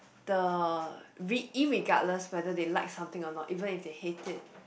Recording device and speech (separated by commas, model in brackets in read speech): boundary microphone, conversation in the same room